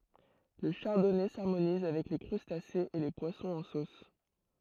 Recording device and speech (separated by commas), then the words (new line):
throat microphone, read sentence
Le Chardonnay s'harmonise avec les crustacés et les poissons en sauce.